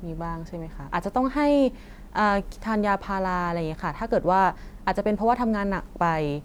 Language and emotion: Thai, neutral